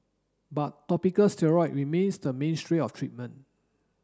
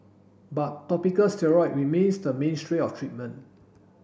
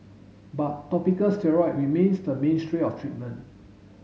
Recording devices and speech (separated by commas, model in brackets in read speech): standing microphone (AKG C214), boundary microphone (BM630), mobile phone (Samsung S8), read sentence